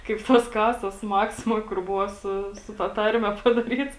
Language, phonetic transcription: Lithuanian, kaip ˈtos ˈkasos ˈmaksimoj kur ˈbuvo ˈsu su ta ˈtarme padaˈryts

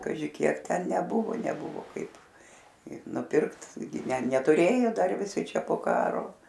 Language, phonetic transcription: Lithuanian, kaˈži kiek ˈten neˈbuvo neˈbuvu ˈkaip i nuˈpirkt ˈgi ne netuˈrėjo ˈdar viˈsi ˈčia po ˈkaro

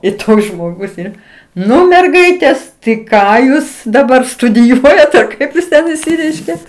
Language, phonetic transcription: Lithuanian, i ˈtoks žmoˈgus ˈein ˈnu merˈgaitės tai ˈką ˈjūs daˈbar studiˈjuojat ar ˈkaip jis ˈten išˈsireiškė

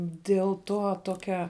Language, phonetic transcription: Lithuanian, diel ˈto ˈtokia

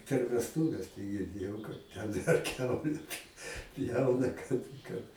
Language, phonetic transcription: Lithuanian, per vesˈtūves tai girˈdėjau ˈten ar ˈkiaule p' ˈpjauna ˈkad ˈkad

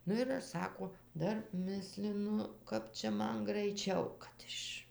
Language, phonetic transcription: Lithuanian, ˈnu ir ˈaš ˈsako ˈdar ˈmislinu ˈkap čia ˈman graiˈčiau kad ˈiš

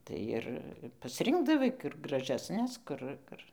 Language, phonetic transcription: Lithuanian, ˈtai ir pasˈrinkdavai kur gražesˈnes ˈkur ˈkur

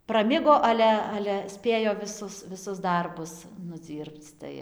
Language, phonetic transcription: Lithuanian, praˈmigo ˈale ˈale ˈspėjo viˈsus viˈsus ˈdarbus nuˈdzyrpc ˈtai

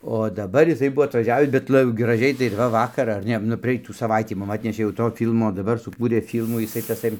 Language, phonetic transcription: Lithuanian, o daˈbar jiˈsai ˈbuvo atvaˈžiavis bet ˈla graˈžiai tai ir ˈva ˈvakar ar ˈne nu praˈeitų saˈvaitį ˈmum ˈatnešė jau ˈto ˈfylmo daˈbar suˈkūrė filmų jiˈsai taˈsai

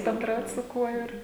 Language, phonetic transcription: Lithuanian, benˈdraut su ˈkuo ˈir

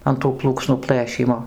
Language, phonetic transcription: Lithuanian, an tų ˈplūksnų ˈplɘšymo

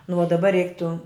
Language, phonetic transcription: Lithuanian, nu o daˈba ˈreiktu

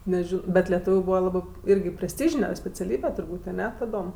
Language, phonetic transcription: Lithuanian, neˈžino ˈbet leˈtūviu ˈbūva ˈlabɜ ˈyrgi presˈtyžine speciaˈlybe turˈbūt' aˈne taˈdom

